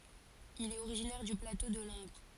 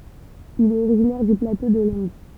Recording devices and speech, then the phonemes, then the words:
forehead accelerometer, temple vibration pickup, read sentence
il ɛt oʁiʒinɛʁ dy plato də lɑ̃ɡʁ
Il est originaire du plateau de Langres.

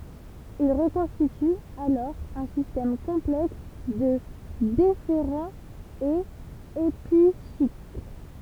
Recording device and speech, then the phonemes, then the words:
temple vibration pickup, read sentence
il ʁəkɔ̃stity alɔʁ œ̃ sistɛm kɔ̃plɛks də defeʁɑ̃z e episikl
Il reconstitue alors un système complexe de déférents et épicycles.

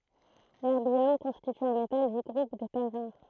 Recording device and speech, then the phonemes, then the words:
throat microphone, read sentence
lɛʁbjɔm kɔ̃stity œ̃ metal dy ɡʁup de tɛʁ ʁaʁ
L'erbium constitue un métal du groupe des terres rares.

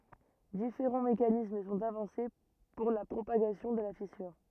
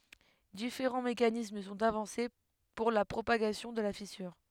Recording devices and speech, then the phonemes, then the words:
rigid in-ear microphone, headset microphone, read sentence
difeʁɑ̃ mekanism sɔ̃t avɑ̃se puʁ la pʁopaɡasjɔ̃ də la fisyʁ
Différents mécanismes sont avancés pour la propagation de la fissure.

